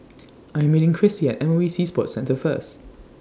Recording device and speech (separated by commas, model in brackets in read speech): standing microphone (AKG C214), read sentence